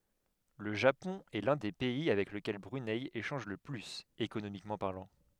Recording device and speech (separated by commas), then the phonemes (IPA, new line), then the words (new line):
headset microphone, read sentence
lə ʒapɔ̃ ɛ lœ̃ de pɛi avɛk ləkɛl bʁynɛ eʃɑ̃ʒ lə plyz ekonomikmɑ̃ paʁlɑ̃
Le Japon est l’un des pays avec lequel Brunei échange le plus, économiquement parlant.